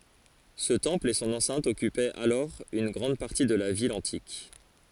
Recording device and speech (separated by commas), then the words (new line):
forehead accelerometer, read sentence
Ce temple et son enceinte occupaient alors une grande partie de la ville antique.